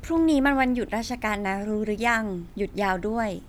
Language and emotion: Thai, neutral